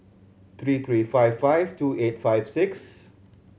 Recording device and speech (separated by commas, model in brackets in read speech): mobile phone (Samsung C7100), read sentence